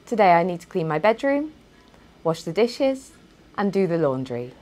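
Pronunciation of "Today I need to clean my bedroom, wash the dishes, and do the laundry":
The voice rises on the first two items, 'clean my bedroom' and 'wash the dishes', and falls on the last item, 'do the laundry', to show the speaker has finished.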